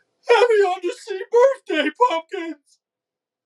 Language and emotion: English, sad